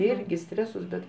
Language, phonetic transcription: Lithuanian, ˈirgi ˈstresus bet

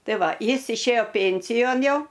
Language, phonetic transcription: Lithuanian, ˈtai ˈva ˈjis išˈėjo ˈpėnsijon ˈjau

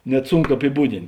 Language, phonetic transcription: Lithuanian, ˈnet apiˈbūdint

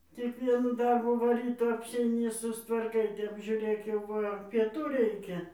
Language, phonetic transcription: Lithuanian, tik ˈvienų ˈdarbų ˈva ˈryto apseiˈni sustvarˈkai ˈtep žiūˈrėk jau ˈva pieˈtų ˈreikia

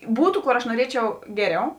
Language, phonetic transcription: Lithuanian, ˈbūtu ˈkor aš nuoˈriečiau ˈgeˌriau

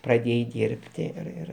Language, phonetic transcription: Lithuanian, praˈdėjai ˈdyrbti ir ˈir

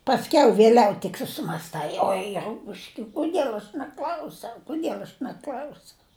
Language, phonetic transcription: Lithuanian, pasˈkiau vėˈliau tik susimasˈtai ˈoi ˈrupuške kuˈdiel aš neˈkl'ausiau kuˈdiel aš neˈkl'ausiau

